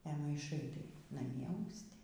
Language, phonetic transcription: Lithuanian, e maiˈšai tai naˈmie ausˈti

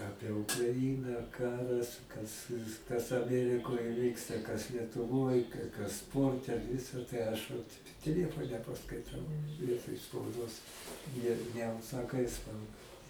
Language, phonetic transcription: Lithuanian, ˈapie ukraˈina ˈkaras kas kas aˈmerikoj ˈvyksta kas lietuˈvoj ka kas ˈsporte ˈvisa tai ˈaš vat teˈliefone paskaiˈtau ˈvietoj spauˈdos ne neužsaˈkai ˈspauda

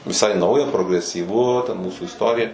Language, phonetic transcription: Lithuanian, viˈsai ˈnauja progresyˈvu ten ˈmūsų isˈtorija

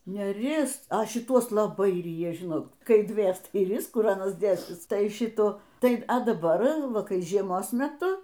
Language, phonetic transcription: Lithuanian, neˈris a šiˈtuos laˈbai ˈryja ˈžinot ˈkai ˈdvės tai ˈris ˈkur ˈanas ˈdėsis ˈtai ˈšitų ˈtai a daˈbar ˈva ˈkai žieˈmos meˈtu

